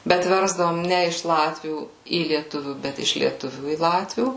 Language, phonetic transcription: Lithuanian, ˈbet ˈversdavom ˈne iš ˈlatvių į lieˈtuvių ˈbet iš lieˈtuvių į ˈlatvių

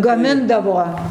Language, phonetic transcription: Lithuanian, gaˈmindavo

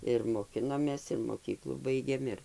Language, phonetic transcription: Lithuanian, ir moˈkinomės ir moˈkyklų ˈbaigėm ˈir

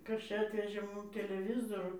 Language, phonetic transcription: Lithuanian, ˈkas ˈčia ˈatvežė ˈmum teleˈvizoru

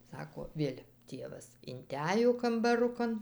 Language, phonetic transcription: Lithuanian, ˈsako ˈvėl' ˈtėvas inˈtæj jau kambaˈrukan

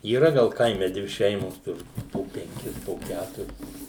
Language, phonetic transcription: Lithuanian, yˈra ˈgal ˈkaime ˈdvi ˈšeimos ˈtur po penˈkis po ˈkæturis

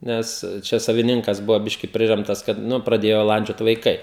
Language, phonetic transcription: Lithuanian, ˈnes ˈčia saviˈninkas ˈbuvo ˈbiški ˈpriremtas kad ˈnu praˈdėjo ˈlandžiot vaiˈkai

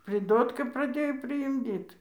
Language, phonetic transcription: Lithuanian, priˈdotka praˈdėjo priimˈdyt

